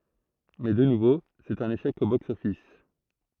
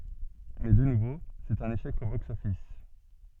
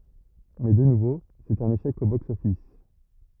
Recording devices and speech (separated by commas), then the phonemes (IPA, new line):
throat microphone, soft in-ear microphone, rigid in-ear microphone, read sentence
mɛ də nuvo sɛt œ̃n eʃɛk o bɔks ɔfis